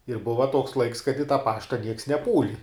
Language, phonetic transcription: Lithuanian, ir ˈbuva tuoks laiks kad i tą ˈpašta nieks neˈpūli

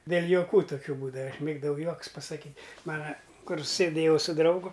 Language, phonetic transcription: Lithuanian, dėl' joˈkų toˈkių ˈbūdava aš ˈmėgdavau ˈjuokus pasaˈkyt' ˈmana ˈkur sėˈdėjau su ˈdraugu

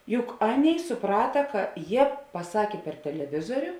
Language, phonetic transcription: Lithuanian, ˈjuk ˈaˌnėi suˈprata ˈka ˈjie paˈsakė per teleˈvizoriu

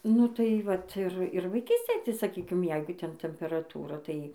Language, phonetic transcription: Lithuanian, ˈnu tai ˈvat ˈir ˈir vaiˈkystėj tai saˈkykim ˈjeigu ˈten temperaˈtūra tai

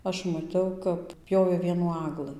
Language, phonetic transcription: Lithuanian, ˈaš maˈtiau kap ˈpjovė ˈvienų ˈaglɨ

